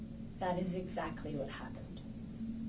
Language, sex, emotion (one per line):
English
female
neutral